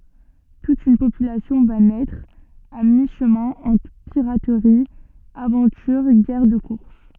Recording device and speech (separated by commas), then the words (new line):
soft in-ear microphone, read sentence
Toute une population va naître à mi-chemin entre piraterie, aventure, guerre de course.